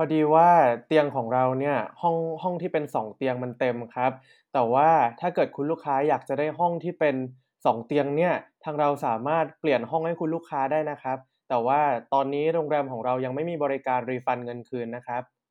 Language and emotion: Thai, neutral